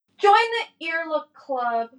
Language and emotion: English, sad